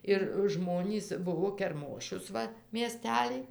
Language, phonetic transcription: Lithuanian, ir ˈžmonys ˈbuvo kerˈmošius ˈva mieˈstelij

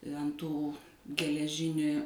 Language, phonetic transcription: Lithuanian, ant ˈtų geleˈžini

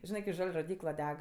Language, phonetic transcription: Lithuanian, ˈžinɜ ki ˈžal' roˈdykla ˈdeg

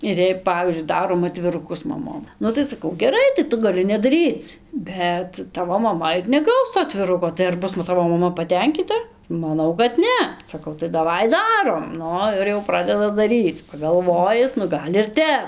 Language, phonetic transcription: Lithuanian, ir jei ˈpavyzdžiui ˈdarom atviruˈkus maˈmom ˈnu tai saˈkau geˈrai tai ˈtu gaˈli nedaˈryc ˈbet ˈtavo maˈma ir neˈgaus to atviˈruko tai ar ˈbus nu ˈtavo maˈma paˈtenkyta maˈnau kad ˈne saˈkau tai daˈvai ˈdarom ˈnu ir jau ˈpradeda daˈryc pagalˈvojis nu ˈgal' ir ˈtep

